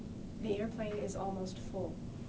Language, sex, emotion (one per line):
English
female
neutral